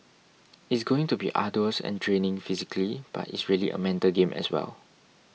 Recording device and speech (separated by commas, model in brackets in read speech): mobile phone (iPhone 6), read sentence